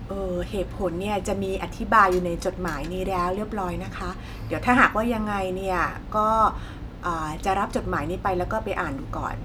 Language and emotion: Thai, neutral